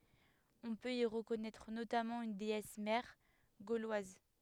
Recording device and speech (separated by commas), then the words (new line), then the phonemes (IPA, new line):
headset microphone, read sentence
On peut y reconnaître notamment une déesse mère gauloise.
ɔ̃ pøt i ʁəkɔnɛtʁ notamɑ̃ yn deɛs mɛʁ ɡolwaz